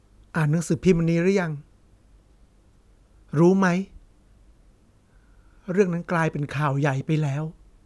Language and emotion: Thai, sad